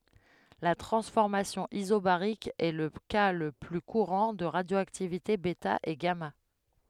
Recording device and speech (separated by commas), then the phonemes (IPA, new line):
headset microphone, read sentence
la tʁɑ̃sfɔʁmasjɔ̃ izobaʁik ɛ lə ka lə ply kuʁɑ̃ də ʁadjoaktivite bɛta e ɡama